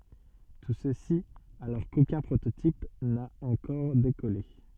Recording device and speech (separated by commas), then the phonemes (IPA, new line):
soft in-ear microphone, read sentence
tu səsi alɔʁ kokœ̃ pʁototip na ɑ̃kɔʁ dekɔle